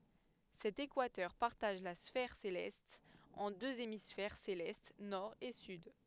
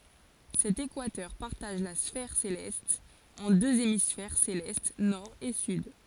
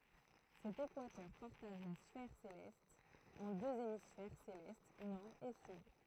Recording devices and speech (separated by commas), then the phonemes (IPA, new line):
headset microphone, forehead accelerometer, throat microphone, read sentence
sɛt ekwatœʁ paʁtaʒ la sfɛʁ selɛst ɑ̃ døz emisfɛʁ selɛst nɔʁ e syd